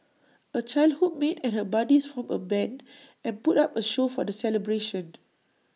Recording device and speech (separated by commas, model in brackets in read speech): mobile phone (iPhone 6), read sentence